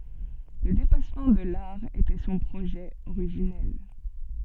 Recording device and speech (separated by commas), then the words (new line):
soft in-ear microphone, read sentence
Le dépassement de l'art était son projet originel.